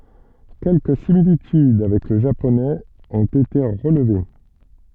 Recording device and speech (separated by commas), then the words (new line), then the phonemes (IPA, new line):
soft in-ear microphone, read sentence
Quelques similitudes avec le japonais ont été relevées.
kɛlkə similityd avɛk lə ʒaponɛz ɔ̃t ete ʁəlve